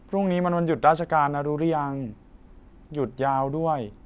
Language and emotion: Thai, neutral